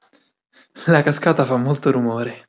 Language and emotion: Italian, surprised